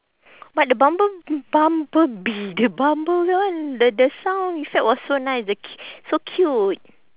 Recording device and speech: telephone, conversation in separate rooms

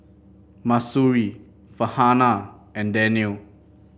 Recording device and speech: boundary microphone (BM630), read sentence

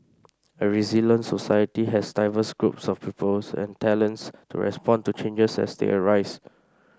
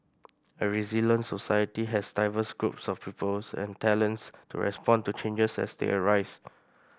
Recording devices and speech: standing microphone (AKG C214), boundary microphone (BM630), read sentence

